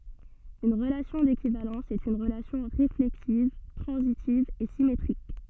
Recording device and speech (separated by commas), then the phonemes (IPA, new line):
soft in-ear microphone, read sentence
yn ʁəlasjɔ̃ dekivalɑ̃s ɛt yn ʁəlasjɔ̃ ʁeflɛksiv tʁɑ̃zitiv e simetʁik